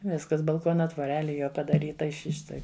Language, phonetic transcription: Lithuanian, ˈviskas balˈkona tvoˈreli ˈjo padaˈryta ˈi ˈši ˈštai

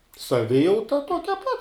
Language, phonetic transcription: Lithuanian, saˈvijauta ˈtuokia pat

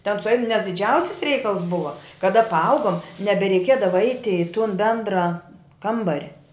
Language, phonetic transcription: Lithuanian, ten suˈein nes diˈdžiausis ˈreikals ˈbuva kaˈda paˈaugom nebereiˈkiedava ˈaiti i tun ˈbendrą ˈkambar'

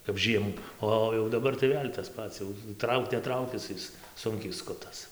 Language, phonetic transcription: Lithuanian, kap ˈžiemų ˈo o jau daˈbar tai ˈvėl' tas ˈpats jau ˈtrauk neˈtraukis ˈis ˈsunkiai ˈskutas

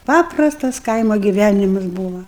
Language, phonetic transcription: Lithuanian, ˈpaprastas ˈkaimo giˈvænimas ˈbūva

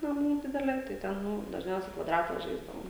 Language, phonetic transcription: Lithuanian, naˈmų ˈdidelė tai ˈten ˈnu dažˈniausiai kvaˈdrata ˈžaisdavom

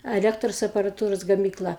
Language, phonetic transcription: Lithuanian, aˈlektros aparaˈtūros gamykˈla

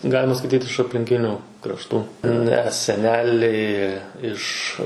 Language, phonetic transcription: Lithuanian, ˈgalima skaiˈtyt iš aplinˈkinių krašˈtų ˈne seˈneliai ˈiš

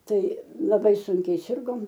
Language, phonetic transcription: Lithuanian, ˈtai laˈbai ˈsunkiai ˈsirgom

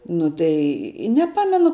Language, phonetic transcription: Lithuanian, ˈnu tai i neˈpamenu

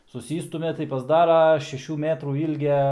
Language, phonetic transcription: Lithuanian, suˈsystumia tai pasˈdara šeˈšių ˈmetrų ˈylgia

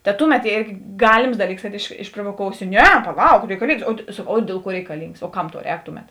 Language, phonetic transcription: Lithuanian, ta ˈtuˌmet ˈėrgi ˈgalims ˈdaˌlyks kad iš išprovoˈkousi ˈne paˈlauk reikaˈlyngs o ˈdėl ˌkuo reikaˈlyngs o ˈkam tau ˈrēk ˈtuˌmet

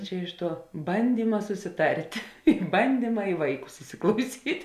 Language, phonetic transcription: Lithuanian, ˈčia iš ˈtuo ˈbandyma susiˈtart' i banˈdyma i ˈvaiˌkus isiklauˈsyt'

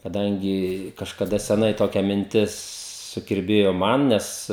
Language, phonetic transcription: Lithuanian, kaˈdangi kažkaˈda seˈnai ˈtokia minˈtis sukirˈbėjo ˈman ˈnes

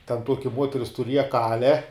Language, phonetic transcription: Lithuanian, ten ˈtuoki ˈmuoteris tuˈrieja ˈkale

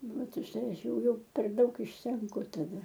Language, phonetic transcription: Lithuanian, ˈvat už ˈtai ˈaš ˈjau ˈjau per ˈdaug išsenˈku taˈda

